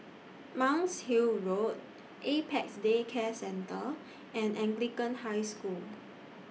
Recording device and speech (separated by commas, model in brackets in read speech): mobile phone (iPhone 6), read sentence